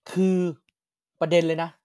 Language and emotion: Thai, frustrated